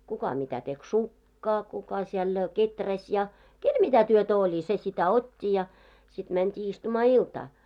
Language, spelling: Finnish, kuka mitä teki sukkaa kuka siellä kehräsi ja kenellä mitä työtä oli se sitä otti ja sitten mentiin istumaan iltaa
- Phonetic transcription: 'kuka mitä tek "sukkaa kuka siɛl , "keträs ja , "kel 'mitä 'työtä oĺi se sitä 'ot́t́i ja , sit mänt́ii istumaa 'iltaa .

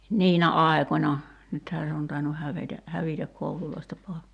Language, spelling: Finnish, niinä aikoina nythän se on tainnut hävetä hävitä kouluista pois
- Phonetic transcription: "niinä "'ai̬końa , 'nythää se on tainuh 'hävetä , 'hävitäk 'koululoista poe[s] .

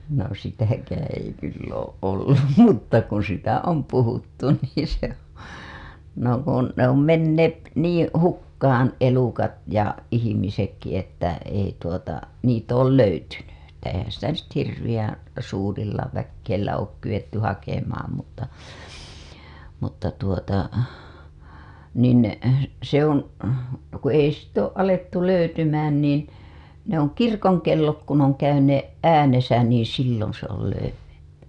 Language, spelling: Finnish, no sitäkään ei kyllä ole ollut mutta kun sitä on puhuttu niin se no kun ne on menneet niin hukkaan elukat ja ihmisetkin että ei tuota niitä ole löytynyt että eihän sitä hirveän suurilla väillä ole kyetty hakemaan mutta mutta tuota niin se on kun ei sitten ole alettu löytymään niin ne - on kirkonkellot kun on käyneet äänessä niin silloin se on löydetty
- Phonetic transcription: no 'sitäkäää̰ ei kyll ‿ooˀ ˀollum mutta kun sitä "om 'puhuttu niin̬ se , no kun , ne ‿om 'menneet , 'niiḭ , "hukkaan̬ elukat ja ihimisekki että , ei tuota , niit ‿ool löytyny , että eihän sitä hirviʲän̬ , suurilla väkkeillä ook kyWetty hakemaam mutta , mutta tuota , nin , se oŋ , ku ei sitt ‿ooˀ ˀalettu löytymään niin , ne ‿ oŋ "kirkoŋkellot kun ‿oŋ käyneeˀ "ˀäänesä niiḭ silloo̰ se ‿ol 'löyw(etty) .

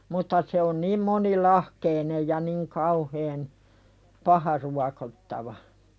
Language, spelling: Finnish, mutta se on niin monilahkeinen ja niin kauhean paha ruokottava
- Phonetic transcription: mutta se on niim moni"lahkeinej ja niŋ 'kauheen , "paha ruakottava .

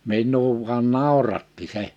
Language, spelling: Finnish, minua vain nauratti se
- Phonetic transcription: 'min̆nuu vuan "nàuratti 'se .

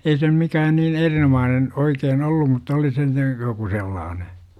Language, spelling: Finnish, ei se nyt mikään niin erinomainen oikein ollut mutta oli se nyt joku sellainen
- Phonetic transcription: ei se nym 'mikään niin "erinomaanen , 'oikeen "ollum mutta oli se n(yt) , joku 'sellaane .

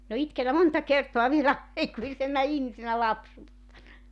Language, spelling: Finnish, minä olen itkenyt monta kertaa vielä aikuisena ihmisenä lapsuuttani
- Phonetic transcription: min ‿o 'itkenä 'monta kertoa vielä , 'aikuisenna 'ihmisenä 'lapsuuttań .

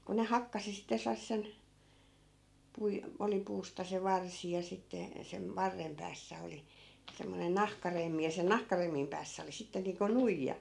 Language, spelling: Finnish, kun ne hakkasi sitä sellaiseen - oli puusta se varsi ja sitten - varren päässä oli semmoinen nahkaremmi ja sen nahkaremmin päässä oli sitten niin kuin nuija
- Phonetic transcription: ku ne 'hakkasi sitä 'sel̆lassen , 'pui- , oli 'puusta se 'varsi ja sitte , 'sem- , 'varrem päässä 'oli , 'semmonen "nahkaremmi ja sen 'nahkaremmim päässä oli 'sitte niiŋko "nuijja .

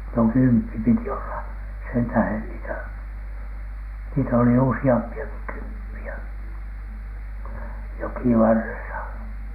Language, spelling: Finnish, no kymppi piti olla sen tähden niitä niitä oli useampiakin kymppejä jokivarressa
- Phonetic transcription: no "kymppi piti olla , sentähen niitä , niitä oli "usi₍ampi₍aki "kymppi₍ä , 'jokivarresa .

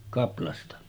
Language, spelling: Finnish, kaplasta
- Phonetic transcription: 'kaplasta .

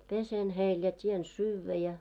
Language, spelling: Finnish, pesen heille ja teen syödä ja
- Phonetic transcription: 'pesen heil ja 't́ien "syyvvä ja .

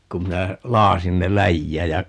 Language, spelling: Finnish, kun minä lakaisin ne läjään ja
- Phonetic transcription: 'kum minä , 'laasin ne "läjjääj ja , .

